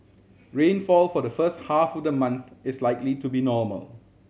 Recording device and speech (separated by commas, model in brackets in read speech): mobile phone (Samsung C7100), read sentence